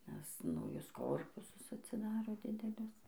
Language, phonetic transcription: Lithuanian, nes nauˈjus ˈkorpusus atsiˈdaro ˈdidelius

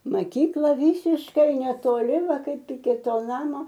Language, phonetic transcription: Lithuanian, maˈkykla ˈvysiškai netoˈli ˈva ˈkaip iki ˈto ˈnamo

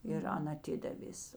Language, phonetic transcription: Lithuanian, ir ˈan aˈtidavės

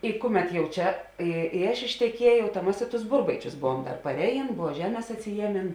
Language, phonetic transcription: Lithuanian, i ˈkuˌmet jau ˈčia ˈi i ˈaš išteˈkiejau ta ˈmas i tus ˈburbaičius ˈbuvuom dar parˈeˌjėn ˈbuvo ˈžeˌmės atsiˈjieˌmėn

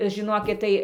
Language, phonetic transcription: Lithuanian, žiˈnokit tai

